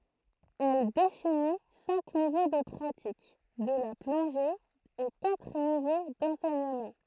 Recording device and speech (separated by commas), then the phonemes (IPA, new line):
throat microphone, read sentence
ɛl defini sɛ̃k nivo də pʁatik də la plɔ̃ʒe e katʁ nivo dɑ̃sɛɲəmɑ̃